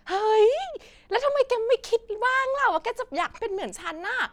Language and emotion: Thai, happy